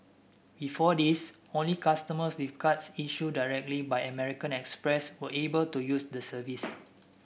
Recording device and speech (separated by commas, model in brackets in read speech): boundary microphone (BM630), read sentence